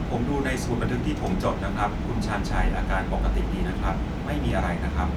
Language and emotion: Thai, neutral